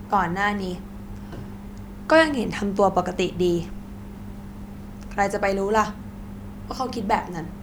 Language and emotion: Thai, frustrated